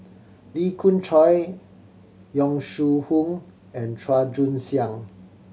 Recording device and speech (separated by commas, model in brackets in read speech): mobile phone (Samsung C7100), read sentence